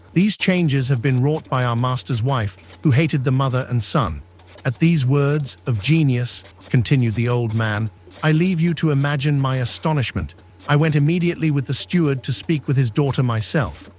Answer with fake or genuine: fake